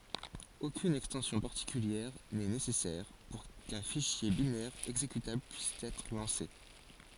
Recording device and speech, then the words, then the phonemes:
forehead accelerometer, read sentence
Aucune extension particulière n'est nécessaire pour qu'un fichier binaire exécutable puisse être lancé.
okyn ɛkstɑ̃sjɔ̃ paʁtikyljɛʁ nɛ nesɛsɛʁ puʁ kœ̃ fiʃje binɛʁ ɛɡzekytabl pyis ɛtʁ lɑ̃se

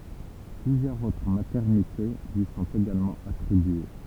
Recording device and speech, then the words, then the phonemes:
temple vibration pickup, read sentence
Plusieurs autres maternités lui sont également attribuées.
plyzjœʁz otʁ matɛʁnite lyi sɔ̃t eɡalmɑ̃ atʁibye

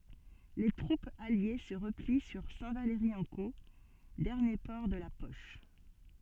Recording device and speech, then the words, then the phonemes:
soft in-ear microphone, read sentence
Les troupes alliées se replient sur Saint-Valery-en-Caux, dernier port de la poche.
le tʁupz alje sə ʁəpli syʁ sɛ̃tvalʁiɑ̃ko dɛʁnje pɔʁ də la pɔʃ

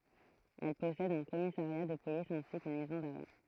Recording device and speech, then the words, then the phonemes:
throat microphone, read sentence
Elle possède un commissariat de police ainsi qu'une maison d'arrêt.
ɛl pɔsɛd œ̃ kɔmisaʁja də polis ɛ̃si kyn mɛzɔ̃ daʁɛ

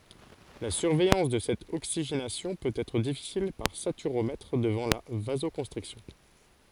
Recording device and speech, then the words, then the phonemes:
forehead accelerometer, read sentence
La surveillance de cette oxygénation peut être difficile par saturomètre devant la vasoconstriction.
la syʁvɛjɑ̃s də sɛt oksiʒenasjɔ̃ pøt ɛtʁ difisil paʁ satyʁomɛtʁ dəvɑ̃ la vazokɔ̃stʁiksjɔ̃

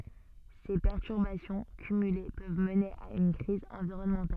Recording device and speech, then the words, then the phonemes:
soft in-ear microphone, read sentence
Ces perturbations cumulées peuvent mener à une crise environnementale.
se pɛʁtyʁbasjɔ̃ kymyle pøv məne a yn kʁiz ɑ̃viʁɔnmɑ̃tal

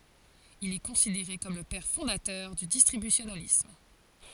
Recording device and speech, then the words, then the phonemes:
forehead accelerometer, read sentence
Il est considéré comme le père fondateur du distributionalisme.
il ɛ kɔ̃sideʁe kɔm lə pɛʁ fɔ̃datœʁ dy distʁibysjonalism

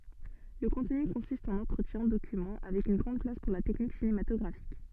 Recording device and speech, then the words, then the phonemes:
soft in-ear microphone, read sentence
Le contenu consiste en entretiens, documents, avec une grande place pour la technique cinématographique.
lə kɔ̃tny kɔ̃sist ɑ̃n ɑ̃tʁətjɛ̃ dokymɑ̃ avɛk yn ɡʁɑ̃d plas puʁ la tɛknik sinematɔɡʁafik

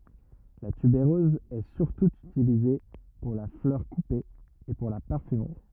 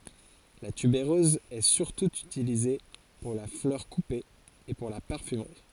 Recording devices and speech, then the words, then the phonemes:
rigid in-ear microphone, forehead accelerometer, read sentence
La tubéreuse est surtout utilisée pour la fleur coupée et pour la parfumerie.
la tybeʁøz ɛ syʁtu ytilize puʁ la flœʁ kupe e puʁ la paʁfymʁi

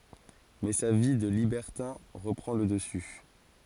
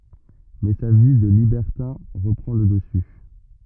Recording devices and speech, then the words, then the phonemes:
forehead accelerometer, rigid in-ear microphone, read sentence
Mais sa vie de libertin reprend le dessus.
mɛ sa vi də libɛʁtɛ̃ ʁəpʁɑ̃ lə dəsy

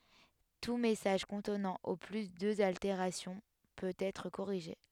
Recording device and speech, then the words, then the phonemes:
headset microphone, read sentence
Tout message contenant au plus deux altérations peut être corrigé.
tu mɛsaʒ kɔ̃tnɑ̃ o ply døz alteʁasjɔ̃ pøt ɛtʁ koʁiʒe

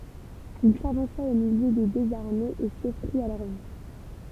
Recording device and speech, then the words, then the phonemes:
temple vibration pickup, read sentence
Il s'avança au milieu des deux armées et s'offrit à leur vue.
il savɑ̃sa o miljø de døz aʁmez e sɔfʁit a lœʁ vy

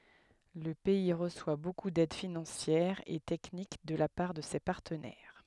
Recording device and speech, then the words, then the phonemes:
headset microphone, read sentence
Le pays reçoit beaucoup d'aide financière et technique de la part de ses partenaires.
lə pɛi ʁəswa boku dɛd finɑ̃sjɛʁ e tɛknik də la paʁ də se paʁtənɛʁ

